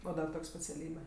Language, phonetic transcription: Lithuanian, o ˈdar ˈtok' speciaˈlybe

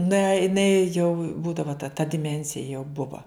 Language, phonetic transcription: Lithuanian, na iˈnai jau ˈbūdavo ta ta diˈmensija jau ˈbuva

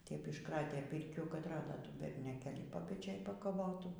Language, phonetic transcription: Lithuanian, tep išˈkratė ˈpirkių kad ˈrado ˈtų bernioˈkėlį papeˈčėj pakaˈvotų

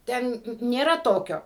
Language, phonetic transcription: Lithuanian, ˈten nėˈra ˈtokio

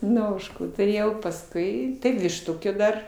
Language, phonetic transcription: Lithuanian, ˈnu ˈožkų tuˈrėjau pasˈkui tai višˈtukė ˈdar

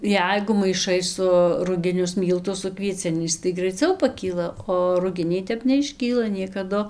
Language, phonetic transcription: Lithuanian, ˈjeigu maiˈšai su rugiˈnius ˈmyltus su kvieˈciniais tai graiˈciau paˈkyla o ruˈginiai ˈtep neišˈkyla niekaˈdu

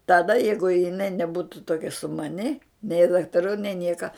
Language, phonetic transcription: Lithuanian, taˈda ˈjeigu jiˈnai neˈbūtu toˈkia sumaˈni nei daktaˈrų nei ˈnieka

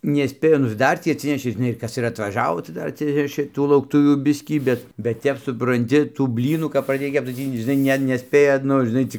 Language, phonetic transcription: Lithuanian, neˈspėju nu ir ˈdar tį atˈsinešė žiˈnai ir ˈkas ir atvaˈžavo tai ˈdar atˈsinešė ˈtų laukˈtuvių ˈbiskį ˈbet bet ˈtep supranˈti tų ˈblynų kap praˈdėj ˈkepc tai ˈtį žiˈnai ˈne neˈspėja ˈnu žiˈnai ˈcik

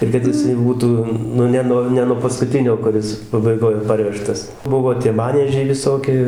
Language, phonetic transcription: Lithuanian, ir kad jiˈsai ˈbūtų ˈnu ˈne no ˈne nuo paskuˈtinio kuˈris pabaiˈgoj ˈparvežtas ˈbuvo tie ˈmaniežiai viˈsoki

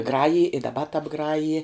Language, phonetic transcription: Lithuanian, ˈgrajij i daˈba tabˈgraji

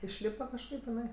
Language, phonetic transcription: Lithuanian, išˈlypa kažˈkaip iˈnai

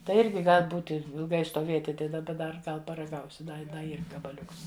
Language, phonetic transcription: Lithuanian, tai ˈirgi ˈgal' ˈbūti ilˈgai stoˈvėti ˈtai daˈba dar ˈgal paraˈgausi ˈda da ˈyr gabaˈliuks

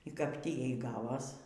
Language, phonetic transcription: Lithuanian, y kap ˈtį ˈjai ˈgavos

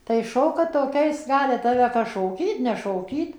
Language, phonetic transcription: Lithuanian, tai ˈšoka toˈkiais ˈgali ˈtave ˈkas šoˈkyt nešoˈkyt

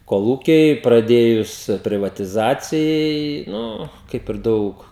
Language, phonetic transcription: Lithuanian, koˈlūkiai praˈdėjus priˈvatizacijai ˈnu ˈkaip ir ˈdaug

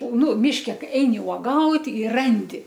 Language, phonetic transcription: Lithuanian, ˈnu ˈmiške ˈkai ˈeini uoˈgaut' i ˈrandi

